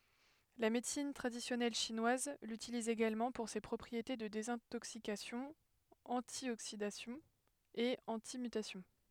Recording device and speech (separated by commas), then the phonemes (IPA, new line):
headset microphone, read sentence
la medəsin tʁadisjɔnɛl ʃinwaz lytiliz eɡalmɑ̃ puʁ se pʁɔpʁiete də dezɛ̃toksikasjɔ̃ ɑ̃tjoksidasjɔ̃ e ɑ̃timytasjɔ̃